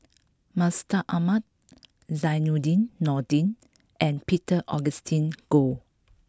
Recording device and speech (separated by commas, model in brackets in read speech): close-talking microphone (WH20), read sentence